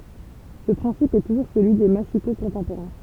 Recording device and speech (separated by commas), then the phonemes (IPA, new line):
temple vibration pickup, read sentence
sə pʁɛ̃sip ɛ tuʒuʁ səlyi de masiko kɔ̃tɑ̃poʁɛ̃